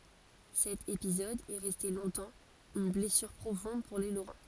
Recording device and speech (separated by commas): forehead accelerometer, read sentence